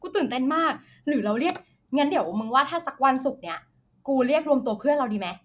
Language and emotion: Thai, happy